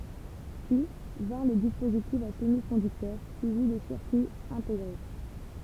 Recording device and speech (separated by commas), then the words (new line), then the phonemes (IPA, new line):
temple vibration pickup, read sentence
Puis, vinrent les dispositifs à semi-conducteurs, suivis des circuits intégrés.
pyi vɛ̃ʁ le dispozitifz a səmikɔ̃dyktœʁ syivi de siʁkyiz ɛ̃teɡʁe